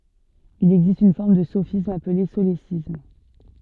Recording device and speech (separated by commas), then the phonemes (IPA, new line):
soft in-ear microphone, read sentence
il ɛɡzist yn fɔʁm də sofism aple solesism